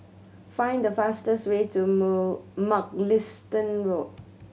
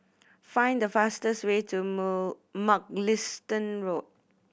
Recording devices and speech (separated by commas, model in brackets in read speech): mobile phone (Samsung C7100), boundary microphone (BM630), read sentence